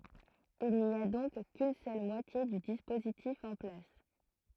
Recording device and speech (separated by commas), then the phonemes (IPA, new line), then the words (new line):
throat microphone, read sentence
il ni a dɔ̃k kyn sœl mwatje dy dispozitif ɑ̃ plas
Il n'y a donc qu'une seule moitié du dispositif en place.